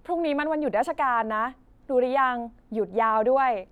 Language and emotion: Thai, neutral